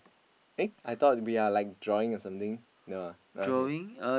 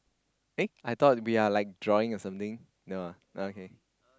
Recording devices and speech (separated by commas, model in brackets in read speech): boundary microphone, close-talking microphone, conversation in the same room